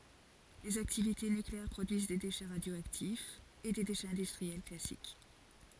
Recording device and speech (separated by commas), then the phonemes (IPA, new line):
forehead accelerometer, read sentence
lez aktivite nykleɛʁ pʁodyiz de deʃɛ ʁadjoaktifz e de deʃɛz ɛ̃dystʁiɛl klasik